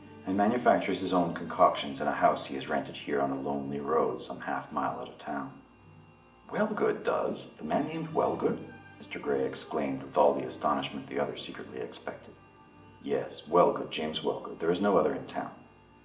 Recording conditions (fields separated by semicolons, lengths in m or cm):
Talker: one person; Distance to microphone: 1.8 m; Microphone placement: close; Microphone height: 1.0 m; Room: large; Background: music